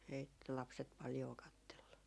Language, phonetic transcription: Finnish, ei 'lapset paljoo "kattellu .
- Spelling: ei lapset paljoa katsellut

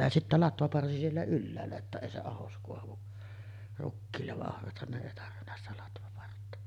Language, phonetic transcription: Finnish, ja sittä 'latvaparsi siellä "ylläällä ‿ttä 'èi se 'ahos koavu , rukkiillev va’ '’ohrathan ne èi tarvinna sitä 'latvapartta .
- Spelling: ja sitten latvaparsi siellä ylhäällä että ei se ahdos kaadu rukiille vaan ohrathan ne ei tarvinnut sitä latvapartta

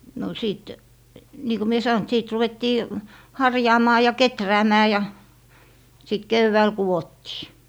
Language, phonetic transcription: Finnish, no , sìt , nii ko mie "sa₍on ‿t 'siit 'ruvettii , "harjaamaa ja "keträämää ja , sit 'kevvääl 'kuwottii .
- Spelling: no sitten niin kun minä sanoin että sitten ruvettiin harjaamaan ja kehräämään ja sitten keväällä kudottiin

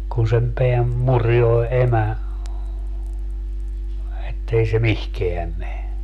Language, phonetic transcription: Finnish, kun sem 'peäm "murjoe 'emä , ettei se "mihkeäm me .
- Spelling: kun sen pään murjoo emä että ei se mihinkään mene

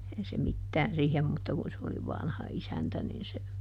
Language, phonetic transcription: Finnish, (ehän) se ˈmittään ˈsiihem mutta kun se oli ˈvanha "isäntä nin se ,.
- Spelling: eihän se mitään siihen mutta kun se oli vanha isäntä niin se

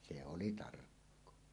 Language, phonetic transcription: Finnish, 'se 'oli "tarkkoa .
- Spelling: se oli tarkkaa

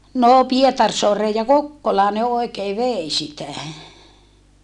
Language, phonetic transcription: Finnish, noo Pietarsoareej ja Kokkolaa ne oekee vèi sitä .
- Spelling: no Pietarsaareen ja Kokkolaan ne oikein vei sitä

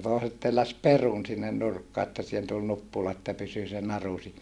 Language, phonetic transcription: Finnish, tòiset telläs perun sinnen nurkkaa että sihen tul nuppula että pysy se naru (siinä) .
- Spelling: toiset telläsi perun sinne nurkkaan että siihen tuli nuppula että pysyi se naru siinä

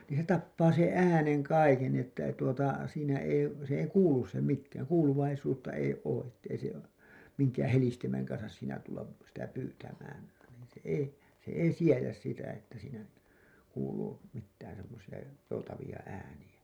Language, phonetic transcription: Finnish, niin̬ se 'tappaa seḛ "’ääneŋ 'kaiken ni ‿että ei tuota , siinä ei , sĕ ei "kuulus se 'mikkään , 'kuuluvaisuutta ei 'oo ’ettei se , miŋkäää̰ "helistimeŋ kansas siinä tullap , sitä 'pyytämään , nìn̬ se 'ei , se 'ei 'siejäs sitä että siinä , 'kuuluu , mittään semmosi₍a , 'joutavi₍a 'ääni₍ä .
- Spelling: niin se tapaa sen äänen kaiken niin että ei tuota siinä ei se ei kuulu se mikään kuuluvaisuutta ei ole että ei se minkään helistimen kanssa siinä tulla sitä pyytämään niin se ei se ei siedä sitä että siinä kuuluu mitään semmoisia joutavia ääniä

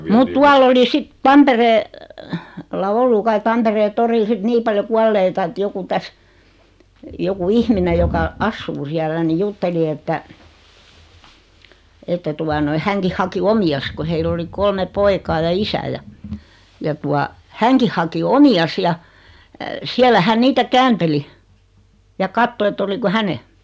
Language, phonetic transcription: Finnish, mut 'tuall ‿oli 'sit , 'Tamperee- , -lla 'ollu 'kai 'Tamperee "toril sit 'nii paljo "kualleita et 'joku 'täs , joku "ihmine joka , "assuu 'siällä ni 'jutteli että , että 'tua noi 'häŋkih haki "omi₍as ko 'heill ‿oli 'kolme 'poikaa ja "isä ja , ja 'tua , "häŋkih haki "omi₍as ja , 'siällä 'hän 'niitä "käänteli , ja 'katto et't ‿oliko "häne .
- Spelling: mutta tuolla oli sitten - Tampereella ollut kai Tampereen torilla sitten niin paljon kuolleita että joku tässä joku ihminen joka asuu siellä niin jutteli että että tuota noin hänkin haki omiansa kun heillä oli kolme poikaa ja isä ja ja tuota hänkin haki omiansa ja siellä hän niitä käänteli ja katsoi että oliko hänen

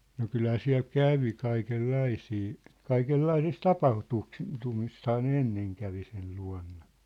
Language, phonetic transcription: Finnish, no 'kylhää 'siä̭l "kävi 'kaikel"laisii , "kaikel"laisis "tapah'tuksi- , '-tumisthaa ne "enneŋ kävi sel 'lua̭nna .
- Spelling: no kyllähän siellä kävi kaikenlaisia kaikenlaisissa - tapahtumissahan ne ennen kävi sen luona

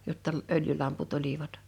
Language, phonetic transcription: Finnish, 'jotta , 'öljylamput 'olivat .
- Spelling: jotta öljylamput olivat

